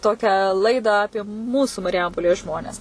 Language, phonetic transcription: Lithuanian, ˈtokią ˈlaidą ˈapie ˈmūsų mariˈjampolės ˈžmones

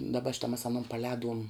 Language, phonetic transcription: Lithuanian, daˈba ˈšita mas aˈnon paˈlēduom

